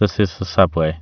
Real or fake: real